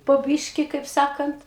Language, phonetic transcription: Lithuanian, po ˈbyški kaip ˈsakant

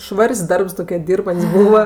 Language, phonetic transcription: Lithuanian, ˈšvar's' ˈdarbs ˈtokie ˈdyrbant's' ˈbūva

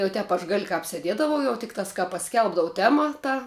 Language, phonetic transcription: Lithuanian, jau ˈtep aš gal' kāp seˈdiedavau jau ˈtiktās kā paˈskelbdavu ˈtema ˈta

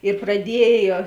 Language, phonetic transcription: Lithuanian, ir praˈdiejo

